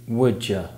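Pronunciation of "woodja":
In 'would you', sounds change under the influence of the sounds that come before or after them.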